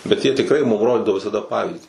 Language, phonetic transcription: Lithuanian, bet jie tikˈrai mum ˈrodidavo visaˈda ˈpavyzdį

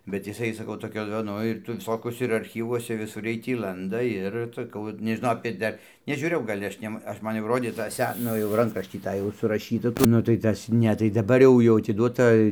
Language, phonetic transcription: Lithuanian, bet jiˈsai saˈkau toˈkio ˈnu ir tai viˈsokiuose ir arˈchyvuose viˈsur ˈjiej tį ˈlanda ˈir saˈkau vat nežiˈnau apė ˈdar nežiūˈrėjau gal' ˈaš' nem ˈaš ˈman ˈrodė tą ˈse ˈnu jau ˈrankraštį ˈtą jau suraˈšyta nu tai ˈtas ˈne tai daˈbar jau jau atiˈduota

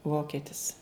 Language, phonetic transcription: Lithuanian, ˈvoketis

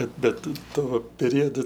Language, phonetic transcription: Lithuanian, ˈbet ˈbet ˈtu ˈtuo peˈriodu

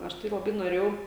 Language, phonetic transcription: Lithuanian, ˈaš tai laˈbai noˈrėjau

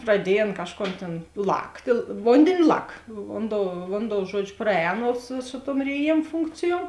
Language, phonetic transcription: Lithuanian, praˈdiej ˈan ˈkažˌkon tėn ˈlaktė ˈvondėni ˈlak ˈvonˌdou ˈvonˌdou ˈžuodžiu ˈpraˌēno su su tuom rėˈjėm ˈfunkcijuom

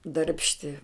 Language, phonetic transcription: Lithuanian, darbšˈti

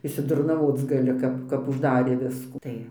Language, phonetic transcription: Lithuanian, išsidurnaˈvoc gaˈli ˈkap kap užˈdarė ˈviskų ˈtai

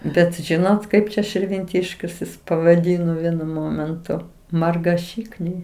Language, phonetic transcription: Lithuanian, ˈbet ˈžinot ˈkaip čia širvinˈtiškius jis pavaˈdyno ˈvienu ˈmomentu margaˈšykniai

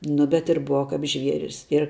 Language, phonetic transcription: Lithuanian, ˈnu bet ir ˈbuva kap ˈžvieris ir

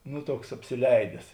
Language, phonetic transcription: Lithuanian, ˈnu ˈtuoks apsiˈleides

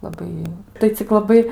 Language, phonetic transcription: Lithuanian, laˈbai tai cik laˈbai

